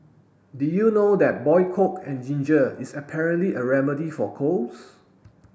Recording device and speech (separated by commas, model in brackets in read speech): boundary microphone (BM630), read sentence